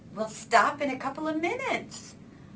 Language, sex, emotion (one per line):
English
female
disgusted